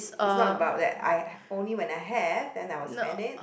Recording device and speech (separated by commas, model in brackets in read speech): boundary microphone, conversation in the same room